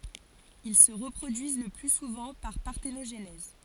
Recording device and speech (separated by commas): forehead accelerometer, read sentence